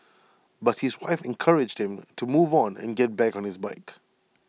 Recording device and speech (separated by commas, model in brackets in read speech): mobile phone (iPhone 6), read sentence